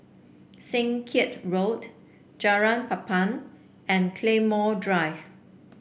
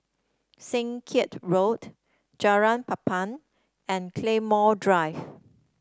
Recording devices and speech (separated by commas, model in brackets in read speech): boundary microphone (BM630), standing microphone (AKG C214), read sentence